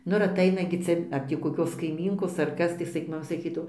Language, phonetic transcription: Lithuanian, ˈnu ir aˈtaina gi ˈcia ar tį koˈkios kaiˈmynkos ar ˈkas tai ˈsak' maˈma saˈkydavo

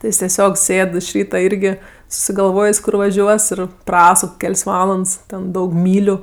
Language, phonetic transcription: Lithuanian, ti ˈjis teˈsiog ˈsėd iš ˈryta ˈirgi susigalˈvojės' ˈkur vaˈžiuos ˈir ˈprasuk ˈkel's' ˈvalands ten ˈdaug ˈmyliu

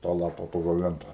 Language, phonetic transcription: Lithuanian, tą ˈlapa ˈpagal ˈlenta

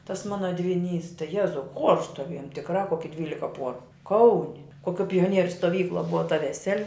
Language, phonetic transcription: Lithuanian, tas ˈmana dviˈnys tai ˈjezau chuors stoˈviejom tikˈra ˈkoki ˈdvylika ˈpuoru ˈkauni koˈkiuo pioˈnieriu stoˈvykluo ˈbuva ta veˈseli

